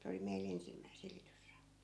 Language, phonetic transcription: Finnish, se oli 'mei"l ‿ensimmäi 'silitysra .
- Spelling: se oli meillä ensimmäinen silitysrauta

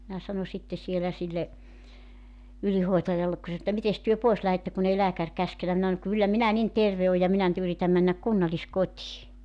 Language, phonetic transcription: Finnish, minä 'sano sitte 'sielä 'sille , 'ylihoetajallek ku se s[anoi et]tä » 'mites työ 'poes 'lähette kun ‿ei 'lääkär 'käskenä « 'minä (sanoŋ) » 'kyllä 'minä 'nin "terve ooj ja 'minä nʸ't ‿yritäm männäk "kunnaĺiskot́ii « .
- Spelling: minä sanoin sitten siellä sille ylihoitajalle kun se sanoi että mitenkäs te pois lähdette kun ei lääkäri käskenyt minä sanoin kyllä minä niin terve olen ja minä nyt yritän mennä kunnalliskotiin

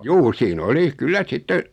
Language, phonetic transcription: Finnish, juu sii'n ‿oli , 'kyllä 'sitte ,.
- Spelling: juu siinä oli kyllä sitten

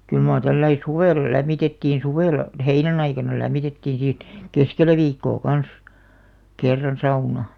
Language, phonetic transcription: Finnish, kyl maar 'tälläi "suvèlla 'lämmitettiin̬ 'suvèlla , "heinän ‿aikana 'lämmitettiin̬ si(t nii) , "keskelä 'viikkoo "kans , 'kerran 'sauna .
- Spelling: kyllä mar tällä lailla suvella lämmitettiin suvella heinän aikana lämmitettiin sitä niin keskellä viikkoa kanssa kerran sauna

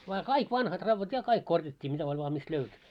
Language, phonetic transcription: Finnish, vaa "kaik 'vanhat 'ravvat 'ja 'kaik korjat́t́ii mitä oĺ vaa mist 'löyty .
- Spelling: vaan kaikki vanhat raudat ja kaikki korjattiin mitä oli vain mistä löytyi

